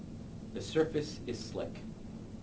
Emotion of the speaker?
neutral